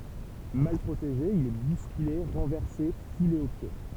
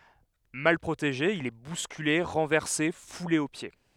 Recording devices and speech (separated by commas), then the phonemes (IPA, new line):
temple vibration pickup, headset microphone, read sentence
mal pʁoteʒe il ɛ buskyle ʁɑ̃vɛʁse fule o pje